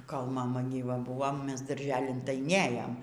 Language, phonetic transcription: Lithuanian, kol maˈma gyˈva ˈbuvo ˈmes darˈželin tai ˈnėjom

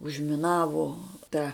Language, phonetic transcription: Lithuanian, užmiˈnavo ˈta

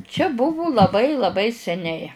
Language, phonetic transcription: Lithuanian, čia ˈbuvu laˈbai laˈbai seˈniai

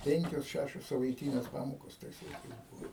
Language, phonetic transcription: Lithuanian, ˈpenkios ˈšæšios savaiˈtynės ˈpamokos ˈtais laiˈkais ˈbuvo

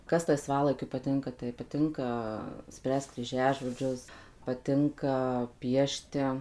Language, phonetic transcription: Lithuanian, ˈkas laiˈsvalaikiu paˈtinka tai paˈtinka ˈspręst kryˈžiažodžius paˈtinka ˈpiešti

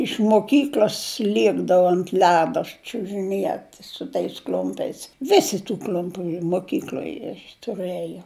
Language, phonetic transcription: Lithuanian, iš moˈkykl'os ˈliekdavu ant ˈledo čiužiˈniet su tais ˈkl'umpiais ˈvisi tu ˈkl'umpiu moˈkykloj tuˈrɘjo

